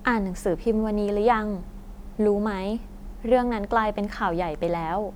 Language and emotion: Thai, neutral